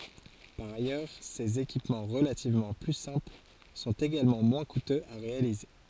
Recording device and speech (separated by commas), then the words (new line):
forehead accelerometer, read sentence
Par ailleurs, ces équipements relativement plus simples sont également moins coûteux à réaliser.